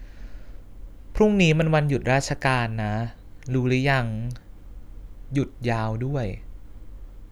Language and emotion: Thai, neutral